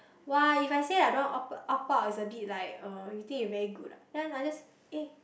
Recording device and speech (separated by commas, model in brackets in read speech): boundary microphone, conversation in the same room